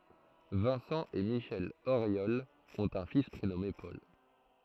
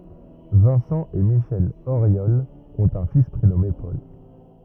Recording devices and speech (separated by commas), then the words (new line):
throat microphone, rigid in-ear microphone, read sentence
Vincent et Michelle Auriol ont un fils prénommé Paul.